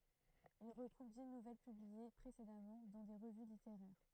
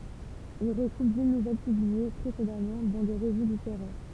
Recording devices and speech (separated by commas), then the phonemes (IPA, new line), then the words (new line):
throat microphone, temple vibration pickup, read sentence
il ʁəɡʁup di nuvɛl pyblie pʁesedamɑ̃ dɑ̃ de ʁəvy liteʁɛʁ
Il regroupe dix nouvelles publiées précédemment dans des revues littéraires.